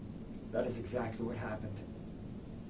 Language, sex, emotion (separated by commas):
English, male, neutral